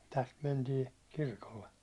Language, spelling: Finnish, tästä mentiin kirkolle
- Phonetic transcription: täst 'mentii , 'kirkolle .

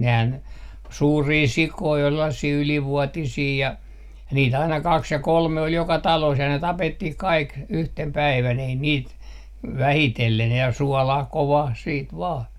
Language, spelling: Finnish, nehän suuria sikoja oli sellaisia ylivuotisia ja niitä aina kaksi ja kolme oli joka talossa ja ne tapettiin kaikki yhtenä päivänä ei niitä vähitellen ja suolaan kovaan sitten vain
- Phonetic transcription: 'nehän , 'suurii "sikoi ol 'sellasii 'ylivuotisii ja , niit ‿aina 'kaks ja 'kolme ol 'joka "taloos ja ne "tapettih "kaik , 'yhtem 'päivän 'ei 'niit , "vähitellen ja "suɔlah 'kovah 'siit 'vaa .

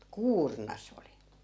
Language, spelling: Finnish, kuurna se oli
- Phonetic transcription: "kuurna 'sᵉ oli .

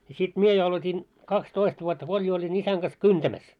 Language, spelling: Finnish, ja sitten minä jo aloitin kaksitoista vuotta kun oli jo olin isäni kanssa kyntämässä
- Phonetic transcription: ʲᵃ sit 'mie jo alot́in , 'kaks"toist vuotta ko oĺ jo oĺi'n ‿isäŋ ɢas "kyntämäs .

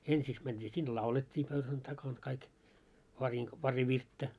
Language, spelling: Finnish, ensiksi mentiin sinne laulettiin pöydän takana kaikki - pari virttä
- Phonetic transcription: ensiks mänᴅii sin "laulet́t́ii pöyhän takaŋ 'kaik , pariŋk- , 'pari "virttä .

